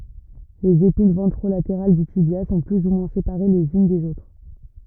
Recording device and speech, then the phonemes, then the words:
rigid in-ear microphone, read sentence
lez epin vɑ̃tʁolateʁal dy tibja sɔ̃ ply u mwɛ̃ sepaʁe lez yn dez otʁ
Les épines ventrolatérales du tibia sont plus ou moins séparées les unes des autres.

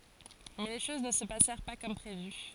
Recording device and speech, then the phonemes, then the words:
forehead accelerometer, read sentence
mɛ le ʃoz nə sə pasɛʁ pa kɔm pʁevy
Mais les choses ne se passèrent pas comme prévu.

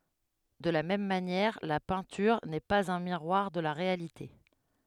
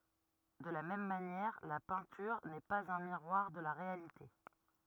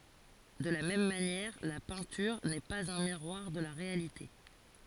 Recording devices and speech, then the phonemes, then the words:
headset microphone, rigid in-ear microphone, forehead accelerometer, read sentence
də la mɛm manjɛʁ la pɛ̃tyʁ nɛ paz œ̃ miʁwaʁ də la ʁealite
De la même manière, la peinture n’est pas un miroir de la réalité.

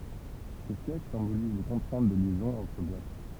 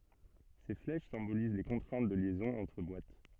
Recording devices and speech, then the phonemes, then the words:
temple vibration pickup, soft in-ear microphone, read sentence
se flɛʃ sɛ̃boliz le kɔ̃tʁɛ̃t də ljɛzɔ̃z ɑ̃tʁ bwat
Ces flèches symbolisent les contraintes de liaisons entre boîtes.

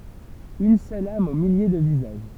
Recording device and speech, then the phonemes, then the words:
temple vibration pickup, read sentence
yn sœl am o milje də vizaʒ
Une seule âme aux milliers de visages.

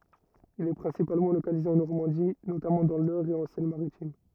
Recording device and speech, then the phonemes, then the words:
rigid in-ear microphone, read sentence
il ɛ pʁɛ̃sipalmɑ̃ lokalize ɑ̃ nɔʁmɑ̃di notamɑ̃ dɑ̃ lœʁ e ɑ̃ sɛn maʁitim
Il est principalement localisé en Normandie, notamment dans l'Eure et en Seine-Maritime.

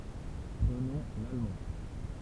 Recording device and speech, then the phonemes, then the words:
temple vibration pickup, read sentence
pʁənɔ̃ lalmɑ̃
Prenons l’allemand.

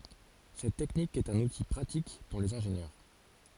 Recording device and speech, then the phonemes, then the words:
forehead accelerometer, read sentence
sɛt tɛknik ɛt œ̃n uti pʁatik puʁ lez ɛ̃ʒenjœʁ
Cette technique est un outil pratique pour les ingénieurs.

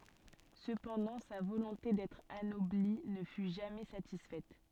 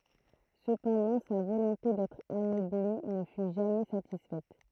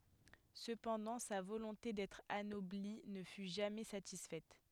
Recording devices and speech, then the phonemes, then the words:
soft in-ear microphone, throat microphone, headset microphone, read sentence
səpɑ̃dɑ̃ sa volɔ̃te dɛtʁ anɔbli nə fy ʒamɛ satisfɛt
Cependant, sa volonté d'être anobli ne fut jamais satisfaite.

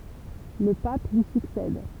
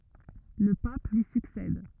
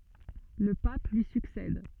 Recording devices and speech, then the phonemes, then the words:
temple vibration pickup, rigid in-ear microphone, soft in-ear microphone, read sentence
lə pap lyi syksɛd
Le pape lui succède.

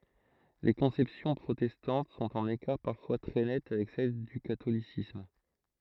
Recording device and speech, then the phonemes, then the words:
throat microphone, read sentence
le kɔ̃sɛpsjɔ̃ pʁotɛstɑ̃t sɔ̃t ɑ̃n ekaʁ paʁfwa tʁɛ nɛt avɛk sɛl dy katolisism
Les conceptions protestantes sont en écart parfois très net avec celle du catholicisme.

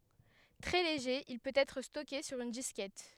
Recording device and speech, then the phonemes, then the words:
headset microphone, read sentence
tʁɛ leʒe il pøt ɛtʁ stɔke syʁ yn diskɛt
Très léger, il peut être stocké sur une disquette.

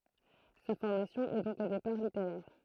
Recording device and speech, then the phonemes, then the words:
throat microphone, read sentence
sa fɔʁmasjɔ̃ ɛ dɔ̃k o depaʁ liteʁɛʁ
Sa formation est donc au départ littéraire.

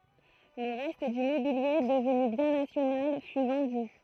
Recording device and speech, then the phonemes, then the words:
throat microphone, read sentence
lə ʁɛst dy mobilje dəvny bjɛ̃ nasjonal fy vɑ̃dy
Le reste du mobilier, devenu bien national, fut vendu.

